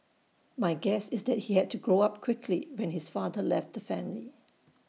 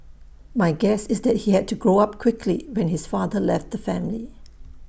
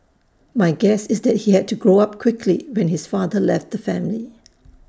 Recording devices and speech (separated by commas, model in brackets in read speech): mobile phone (iPhone 6), boundary microphone (BM630), standing microphone (AKG C214), read sentence